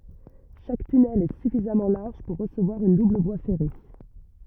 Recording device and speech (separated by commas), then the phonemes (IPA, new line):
rigid in-ear microphone, read sentence
ʃak tynɛl ɛ syfizamɑ̃ laʁʒ puʁ ʁəsəvwaʁ yn dubl vwa fɛʁe